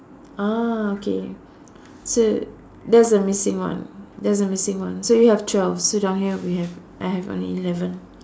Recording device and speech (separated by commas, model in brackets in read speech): standing microphone, conversation in separate rooms